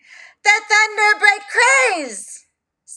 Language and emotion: English, surprised